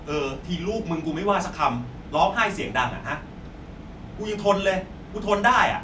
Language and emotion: Thai, angry